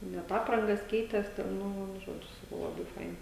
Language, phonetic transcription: Lithuanian, net ˈaprangas ˈkeitės ten ˈnu ˈžodžiu ˈsakau ˈlabai ˈfaina

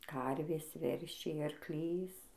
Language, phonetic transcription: Lithuanian, ˈkarvės ˈveršiai arkˈlys

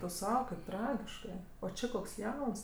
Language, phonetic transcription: Lithuanian, tu ˈsau kaip ˈtragiškɜ o ˈči koks ˈjauns

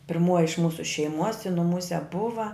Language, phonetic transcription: Lithuanian, pirˈmuoji iš ˈmūsu šeiˈmuos i nuˈmūse ˈbuva

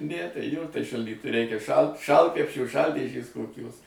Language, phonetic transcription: Lithuanian, ˈne tai ˈjo tai šalˈdyt ˈreikia šal ˈšaltkrepšio ˈšal'dėžės koˈkios

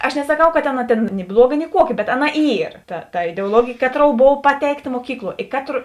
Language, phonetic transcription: Lithuanian, aš nesaˈkau ˈka tėn tėn ni ˈbluoˌga ni ˈkuoˌki bet ˈaˌna ˈyr ta ta ideuoˈlogėjė ˈkaˌtrou ˈbova ˈpateikˌta muoˈkykluo i ˈkatro

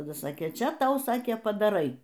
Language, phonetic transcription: Lithuanian, taˈda ˈsakė ˈčia ˈtau ˈsakė padaˈrai

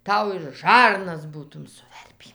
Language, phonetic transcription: Lithuanian, ˈtau ir ˈžarnas ˈbūtum suˈverpį

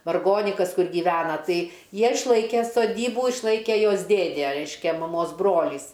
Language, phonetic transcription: Lithuanian, varˈgonikas ˈkur gyˈvena ˈtai ˈjie išˈlaike soˈdybų išˈlaike ˈjos ˈdėdė ˈreiškia maˈmos ˈbrolys

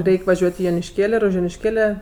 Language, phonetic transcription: Lithuanian, ˈreik' vaˈžiuot' i jonišˈkėl' ir už jonišˈkėle

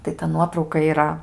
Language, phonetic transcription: Lithuanian, tai ta ˈnuotrauka yˈra

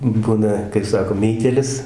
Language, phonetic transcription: Lithuanian, ˈbuna kai ˈsako ˈmeitėlis

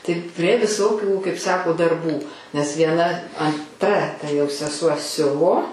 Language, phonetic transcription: Lithuanian, taip prie ˈvisokių kaip ˈsako darˈbų nes vieˈna anˈtra ta jau seˈsuo ˈsiuvo

